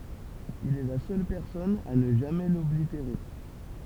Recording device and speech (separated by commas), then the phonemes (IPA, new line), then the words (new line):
temple vibration pickup, read sentence
il ɛ la sœl pɛʁsɔn a nə ʒamɛ lɔbliteʁe
Il est la seule personne à ne jamais l’oblitérer.